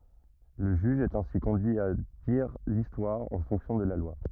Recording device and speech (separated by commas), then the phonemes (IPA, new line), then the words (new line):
rigid in-ear microphone, read sentence
lə ʒyʒ ɛt ɛ̃si kɔ̃dyi a diʁ listwaʁ ɑ̃ fɔ̃ksjɔ̃ də la lwa
Le juge est ainsi conduit à dire l'histoire en fonction de la loi.